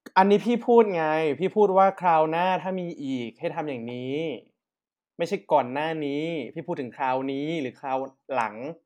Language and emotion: Thai, frustrated